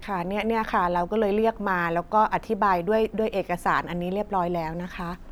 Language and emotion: Thai, neutral